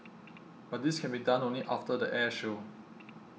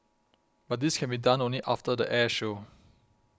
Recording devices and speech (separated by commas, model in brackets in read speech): mobile phone (iPhone 6), close-talking microphone (WH20), read sentence